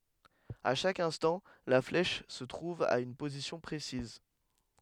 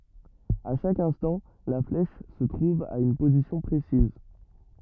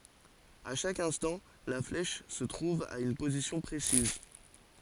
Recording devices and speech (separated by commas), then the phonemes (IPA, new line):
headset microphone, rigid in-ear microphone, forehead accelerometer, read sentence
a ʃak ɛ̃stɑ̃ la flɛʃ sə tʁuv a yn pozisjɔ̃ pʁesiz